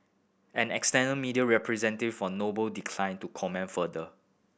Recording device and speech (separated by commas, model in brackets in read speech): boundary microphone (BM630), read sentence